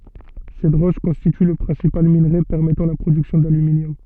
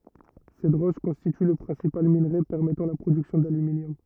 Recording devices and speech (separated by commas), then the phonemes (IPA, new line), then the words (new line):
soft in-ear microphone, rigid in-ear microphone, read sentence
sɛt ʁɔʃ kɔ̃stity lə pʁɛ̃sipal minʁe pɛʁmɛtɑ̃ la pʁodyksjɔ̃ dalyminjɔm
Cette roche constitue le principal minerai permettant la production d'aluminium.